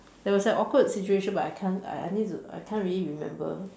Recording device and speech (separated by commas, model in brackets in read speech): standing microphone, conversation in separate rooms